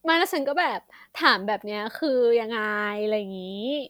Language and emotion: Thai, happy